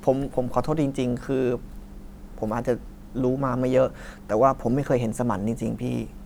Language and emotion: Thai, sad